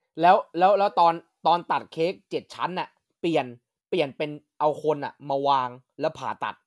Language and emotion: Thai, neutral